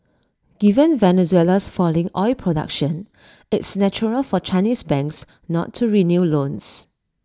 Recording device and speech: standing microphone (AKG C214), read sentence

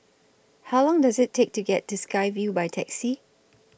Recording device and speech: boundary microphone (BM630), read sentence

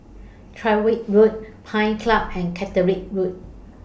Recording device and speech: boundary microphone (BM630), read sentence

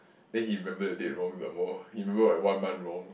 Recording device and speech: boundary microphone, conversation in the same room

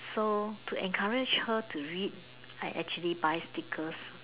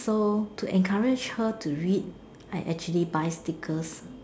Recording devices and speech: telephone, standing microphone, conversation in separate rooms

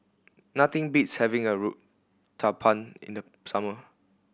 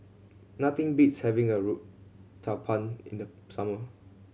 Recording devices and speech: boundary microphone (BM630), mobile phone (Samsung C7100), read sentence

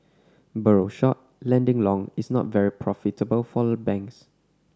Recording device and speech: standing microphone (AKG C214), read sentence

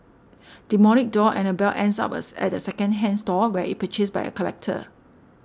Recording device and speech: standing microphone (AKG C214), read sentence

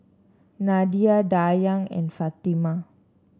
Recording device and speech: standing microphone (AKG C214), read sentence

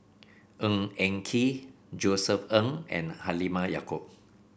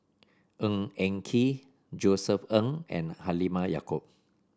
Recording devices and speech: boundary microphone (BM630), standing microphone (AKG C214), read sentence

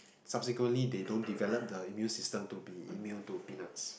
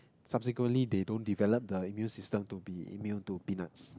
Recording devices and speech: boundary microphone, close-talking microphone, conversation in the same room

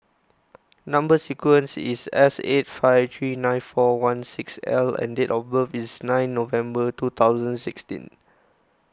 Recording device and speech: close-talking microphone (WH20), read sentence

